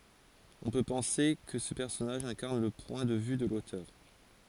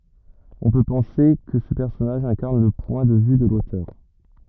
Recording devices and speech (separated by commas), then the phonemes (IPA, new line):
forehead accelerometer, rigid in-ear microphone, read sentence
ɔ̃ pø pɑ̃se kə sə pɛʁsɔnaʒ ɛ̃kaʁn lə pwɛ̃ də vy də lotœʁ